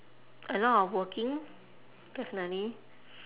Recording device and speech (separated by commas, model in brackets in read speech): telephone, conversation in separate rooms